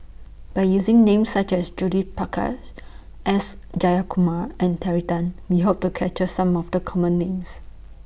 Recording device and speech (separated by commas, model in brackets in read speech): boundary microphone (BM630), read sentence